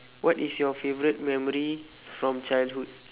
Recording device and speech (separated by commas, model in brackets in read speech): telephone, conversation in separate rooms